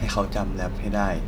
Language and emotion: Thai, sad